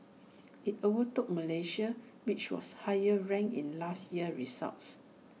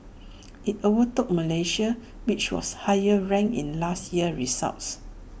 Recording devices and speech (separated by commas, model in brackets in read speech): mobile phone (iPhone 6), boundary microphone (BM630), read sentence